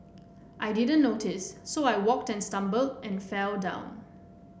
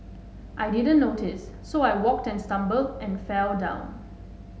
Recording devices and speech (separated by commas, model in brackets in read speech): boundary microphone (BM630), mobile phone (Samsung S8), read sentence